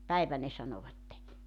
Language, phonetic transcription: Finnish, » "päivä « ne 'sanovatte .
- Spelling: päivä ne sanoivat

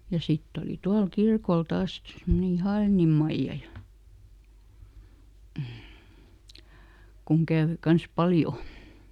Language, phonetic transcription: Finnish, ja ˈsitt ‿oli "tual ˈkirkol "taas sit , ˈsemmoneˈn ‿(Ihaliinim) ˈMaijja ja , kuŋ ˈkäävö ˈkans "paljo .
- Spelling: ja sitten oli tuolla kirkolla taas sitten semmoinen Ihaliinin Maija ja kun kävi kanssa paljon

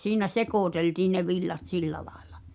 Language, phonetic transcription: Finnish, 'siinä "sekòteltiin̆ ne 'villat "sillä laᴇʟᴀ .
- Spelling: siinä sekoiteltiin ne villat sillä lailla

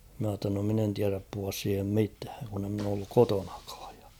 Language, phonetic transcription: Finnish, ma ‿tta no 'min ‿en tiäräp puhuas siihem 'mitääŋ kun ‿e ‿mn ‿oo olluk "kotoɴᴀkᴀᴀᴊ ᴊᴀ .
- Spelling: minä jotta no minä en tiedä puhua siihen mitään kun en minä ole ollut kotonakaan ja

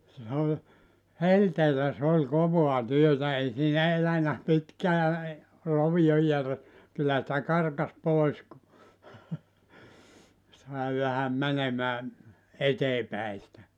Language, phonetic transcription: Finnish, se oĺ , "helteelä s ‿ol "kovoa 'työtä 'ei siinä 'elänä 'pitkää , 'rovijo jär- , 'kyllä sⁱtä 'karkas 'pòis ku , 'sài vähäm 'mänemää , "etee päi sⁱtä .
- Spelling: se oli helteellä se oli kovaa työtä ei siinä elänyt pitkään rovio - kyllä sitä karkasi pois kun sai vähän menemään eteen päin sitä

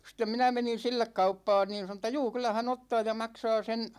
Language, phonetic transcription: Finnish, stem 'minä menin̬ "sillek 'kauppaan niin̬ 'sano ‿tta » "juu 'kyl̆lä hän 'ottaa ja 'maksaa sen̬ « ,.
- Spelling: sitten minä menin sille kauppaan niin sanoi että juu kyllä hän ottaa ja maksaa sen

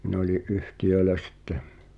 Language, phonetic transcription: Finnish, min ‿oli’ "’yhtiʲööᵉlä 'sittᴇ .
- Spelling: minä olin yhtiöillä sitten

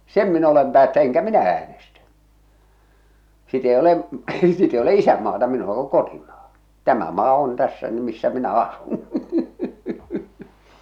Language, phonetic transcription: Finnish, en̳ "mitää , "sem 'mi'n ‿olem 'päättä- 'eŋkä 'minä 'äänestä , 'sit ‿ei 'olem̳ , 'sit ‿ei ole "isämmaata 'minula ku "kotimaa , "tämä 'maa 'on "tässä 'ny 'missä 'minä "asun .
- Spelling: en mitään sen minä olen - enkä minä äänestä sitten ei ole sitä ei ole isänmaata minulla kun kotimaa tämä maa on tässä nyt missä minä asun

